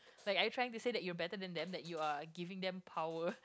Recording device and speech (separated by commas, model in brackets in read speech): close-talking microphone, conversation in the same room